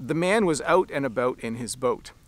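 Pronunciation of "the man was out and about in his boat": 'The man was out and about in his boat' is said in Canadian English, and the Canadian accent comes through in the O sounds of these words.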